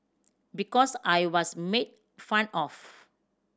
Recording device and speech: standing microphone (AKG C214), read sentence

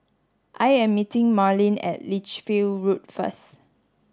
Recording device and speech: standing microphone (AKG C214), read sentence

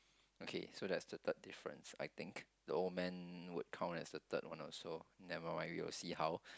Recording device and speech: close-talking microphone, conversation in the same room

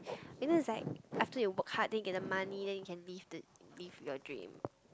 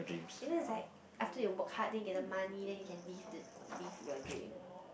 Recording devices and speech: close-talking microphone, boundary microphone, conversation in the same room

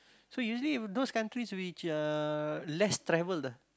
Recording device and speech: close-talking microphone, conversation in the same room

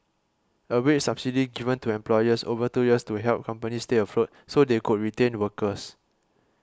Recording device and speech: close-talking microphone (WH20), read sentence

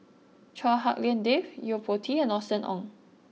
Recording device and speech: mobile phone (iPhone 6), read sentence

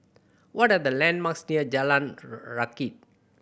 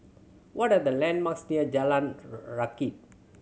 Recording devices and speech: boundary microphone (BM630), mobile phone (Samsung C7100), read sentence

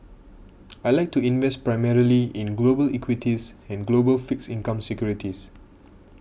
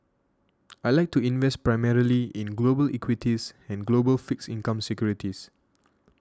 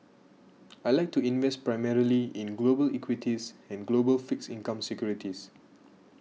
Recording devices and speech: boundary microphone (BM630), standing microphone (AKG C214), mobile phone (iPhone 6), read sentence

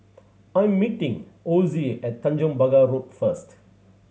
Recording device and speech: mobile phone (Samsung C7100), read sentence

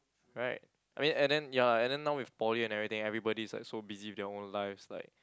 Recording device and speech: close-talking microphone, conversation in the same room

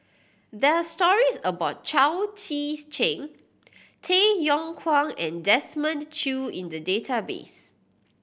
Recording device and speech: boundary microphone (BM630), read sentence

